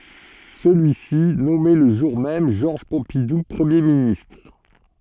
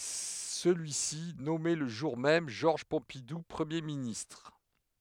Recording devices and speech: soft in-ear microphone, headset microphone, read sentence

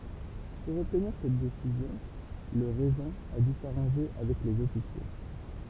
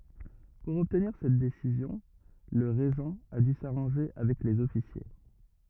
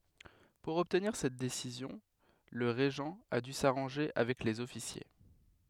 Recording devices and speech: temple vibration pickup, rigid in-ear microphone, headset microphone, read sentence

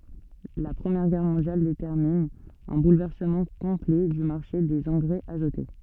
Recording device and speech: soft in-ear microphone, read sentence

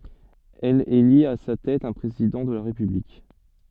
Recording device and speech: soft in-ear microphone, read sentence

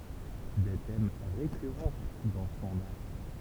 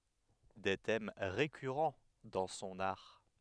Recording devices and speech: temple vibration pickup, headset microphone, read sentence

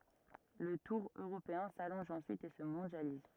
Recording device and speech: rigid in-ear microphone, read sentence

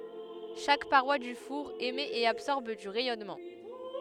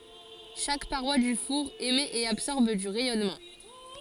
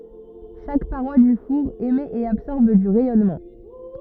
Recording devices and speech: headset microphone, forehead accelerometer, rigid in-ear microphone, read sentence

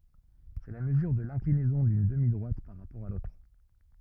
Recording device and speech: rigid in-ear microphone, read sentence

